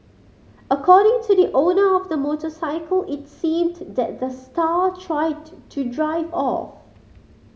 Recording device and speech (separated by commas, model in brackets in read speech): mobile phone (Samsung C5010), read sentence